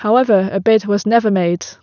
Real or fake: real